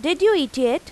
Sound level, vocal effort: 92 dB SPL, loud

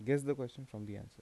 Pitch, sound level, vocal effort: 125 Hz, 82 dB SPL, soft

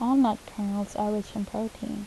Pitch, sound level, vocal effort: 210 Hz, 77 dB SPL, soft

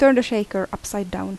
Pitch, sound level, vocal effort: 200 Hz, 82 dB SPL, normal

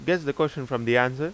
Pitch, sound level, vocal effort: 140 Hz, 90 dB SPL, loud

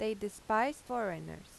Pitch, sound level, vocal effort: 220 Hz, 88 dB SPL, normal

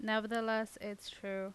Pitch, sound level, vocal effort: 220 Hz, 85 dB SPL, normal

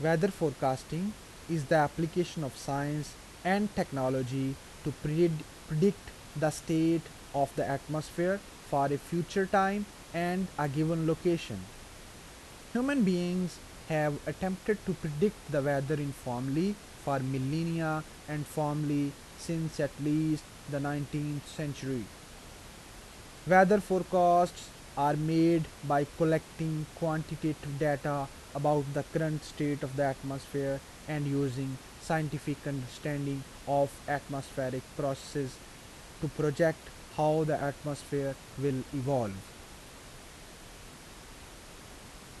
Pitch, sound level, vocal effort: 150 Hz, 83 dB SPL, normal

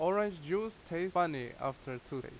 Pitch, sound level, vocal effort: 170 Hz, 88 dB SPL, very loud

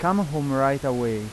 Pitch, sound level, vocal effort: 135 Hz, 89 dB SPL, loud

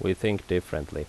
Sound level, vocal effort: 79 dB SPL, normal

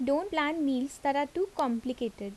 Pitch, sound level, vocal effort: 280 Hz, 80 dB SPL, normal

